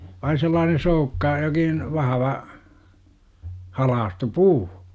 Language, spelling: Finnish, vain sellainen soukka jokin vahva halkaistu puu
- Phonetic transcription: vain̬ sellaanen̬ 'soukka , jokin , 'vahava , 'halaastu "puu .

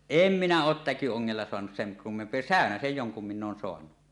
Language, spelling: Finnish, en minä ole täkyongella saanut sen kummempia säynäsiä jonkun minä olen saanut
- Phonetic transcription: em 'minä 'oot 'täky₍oŋŋella soanus seŋ kummemp̀ie "sä̀önäsej 'joŋkum minn ‿oon soanu .

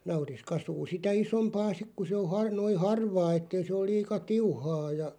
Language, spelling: Finnish, nauris kasvaa sitä isompaa sitten kun se on - noin harvaa että ei se ole liian tiuhaa ja
- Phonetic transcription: 'nauris 'kasuu 'sitä "isompaa 'sik ku se o 'har- 'noi "harvaa 'ettei se oˡ 'liika "tiuhaa ja ,.

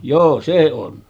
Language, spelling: Finnish, joo se on
- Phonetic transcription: 'joo se on .

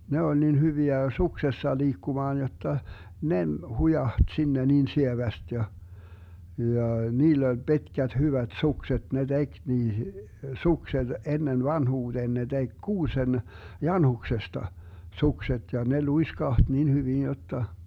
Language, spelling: Finnish, ne oli niin hyviä suksessa liikkumaan jotta ne - hujahti sinne niin sievästi ja ja niillä oli pitkät hyvät sukset ne teki niihin sukset ennen vanhuuteen ne teki kuusen janhuksesta sukset ja ne luiskahti niin hyvin jotta
- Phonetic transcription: 'ne oĺ nin 'hyviä 'suksessa 'liikkumaan jotta , 'ne ‿m- , 'hujaht sinne niin 'sieväst ja , 'jà , 'niill ‿oĺ Bi̮tkät 'hyvät 'sukset ne "tek 'niihI , 'sukset 'ennen "vanhuuDeen ne 'tek 'kuusen , "janhuksesta , 'sukset ja 'ne "luiskaht nin 'hyvin 'jotta .

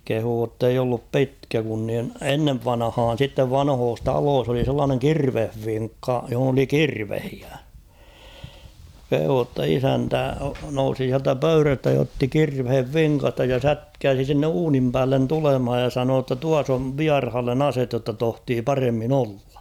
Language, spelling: Finnish, kehui että ei ollut pitkä kun niin ennen vanhaan sitten vanhoissa taloissa oli sellainen kirvesvinkka jossa oli kirveitä kehui jotta isäntä nousi sieltä pöydästä ja otti kirveen vinkasta ja sätkäisi sinne uunin päälle tulemaan ja sanoi jotta tuossa on vieraalle ase jotta tohtii paremmin olla
- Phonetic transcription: kehuu ‿tteij ‿ollup "pitkä kun nin , "ennev 'vanᵃhaan̬ sittev 'vanhoos "taloos ‿oli sellaaneŋ "kirveh'viŋkka , johᵒn ‿oli "kirvehiä , kehuu ‿tta 'isäntä nousi siältä "pöyrästä ja otti 'kirvhev "viŋkasta ja "sätkääsi sinne 'uunim päällen 'tulemhaj ja 'sanoo ‿tta » 'tuas ‿ov "viarhallen "aset jotta 'tohtii "paremmin ‿'ollᴀ « .

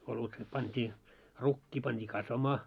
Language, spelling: Finnish, olut pantiin rukiin pantiin kasvamaan
- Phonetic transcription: olut pant́ii , 'rukkii pant́ii "kasvamaa .

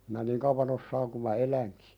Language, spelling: Finnish, minä niin kauan osaan kun minä elän
- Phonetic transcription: minä "niŋ kauvan ‿ossaaŋ ku ma "eläŋkɪ .

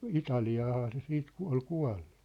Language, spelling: Finnish, Italiaanhan se sitten - oli kuollut
- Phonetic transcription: ɪtali₍aaha se 'siit ku- ol 'kua̭llᴜ .

